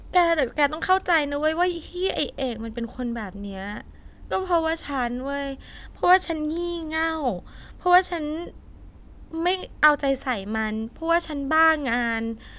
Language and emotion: Thai, sad